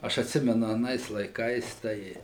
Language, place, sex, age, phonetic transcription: Lithuanian, Suvalkija, male, 60+, ˈaš atˈsimenu aˈnais laiˈkais ˈtai

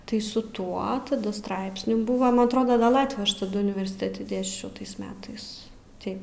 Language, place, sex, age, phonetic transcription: Lithuanian, Aukštaitija, female, 18-60, tai su ˈtuo taˈda ˈstraipsnių ˈbuva ˈman atˈroda ˈgal ˈlatvių ˈaš taˈdu universiˈtėti ˈdėsčiau ˈtais ˈmetais ˈtai

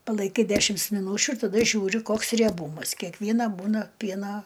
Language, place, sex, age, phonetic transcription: Lithuanian, Aukštaitija, female, 60+, palaiˈkai ˈdešims miˈnūčiu ir taˈda ˈžiūri ˈkoks rieˈbūmas kekˈviena ˈbūna ˈpiena

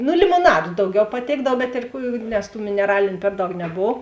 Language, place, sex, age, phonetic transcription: Lithuanian, Žemaitija, female, 18-60, nu limoˈnadu ˈdauˌgiau paˈtėkdav bet ir ˈkų nes tų mineˈraliniu ˈper ˌdaug neˈbov

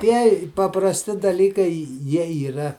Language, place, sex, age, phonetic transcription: Lithuanian, Žemaitija, male, 60+, ˈtieji paprasˈti daˈlykai ˈjie yˈra

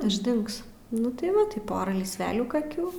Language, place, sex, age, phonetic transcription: Lithuanian, Aukštaitija, female, 18-60, išˈdings ˈnu tai ˈva tai ˈpora lysˈvelių kaˈkių

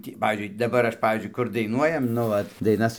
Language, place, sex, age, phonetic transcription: Lithuanian, Dzūkija, male, 60+, ˈtį ˈpavyzdžiui daˈbar ˈaš ˈpavyzdžiui ˈkur daiˈnuojam nu ˈvat daiˈnas

